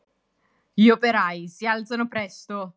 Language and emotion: Italian, angry